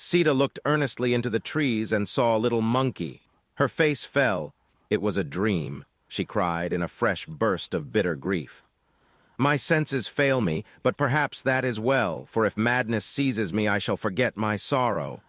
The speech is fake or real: fake